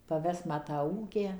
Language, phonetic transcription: Lithuanian, paˈves ˈma tą ˈūkę

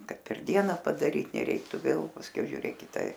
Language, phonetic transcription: Lithuanian, ˈkad per ˈdiena padaˈryt neˈreiktu ˈvėl pasˈkiau žiuˈrėk ˈkita

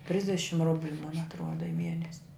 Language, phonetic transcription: Lithuanian, ˈtrisdešim ˈrubliu mon atˈruoda i ˈmienes'

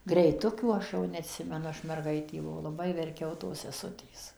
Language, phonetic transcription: Lithuanian, greiˈtukių ˈaš jau neˈatsimenu ˈaš merˈgaitė buˈvau laˈbai verˈkiau tos seˈsutės

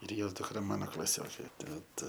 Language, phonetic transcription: Lithuanian, ir ˈjos dukˈra ˈmano klaˈsiokė ˈtad

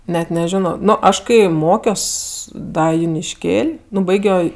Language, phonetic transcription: Lithuanian, ˈnet neˈžino ˈnu ˈaš kai ˈmokios ˈda junišˈkėl' ˈnu ˈbaigio

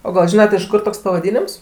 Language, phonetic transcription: Lithuanian, o gal ˈžinat iš ˈkur toks pavaˈdynims

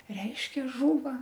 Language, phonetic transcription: Lithuanian, ˈreiškia ˈžūva

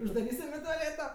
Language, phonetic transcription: Lithuanian, uždaˈrysim i toˈlėto

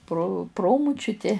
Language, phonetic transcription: Lithuanian, pro ˈpromučiuti

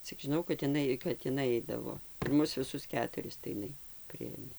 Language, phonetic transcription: Lithuanian, cik žiˈnau kad iˈnai kat iˈnai ˈaidavo ir ˈmus viˈsus ˈketuris tai iˈnai ˈpriėmė

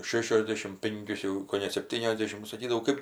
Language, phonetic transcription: Lithuanian, ˈšešiosˌdėšim ˈpinkius jau koˈne sepˈtyniosˌdėšim nu saˈkydavau ˈkɜp

